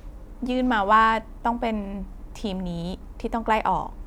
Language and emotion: Thai, neutral